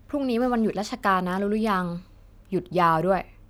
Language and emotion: Thai, neutral